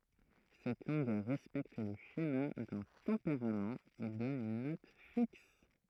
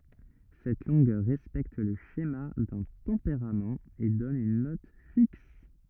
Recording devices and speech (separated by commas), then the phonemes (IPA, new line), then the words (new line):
throat microphone, rigid in-ear microphone, read sentence
sɛt lɔ̃ɡœʁ ʁɛspɛkt lə ʃema dœ̃ tɑ̃peʁamt e dɔn yn nɔt fiks
Cette longueur respecte le schéma d'un tempérament et donne une note fixe.